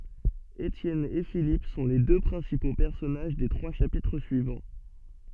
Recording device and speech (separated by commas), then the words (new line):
soft in-ear microphone, read sentence
Étienne et Philippe sont les deux principaux personnages des trois chapitres suivants.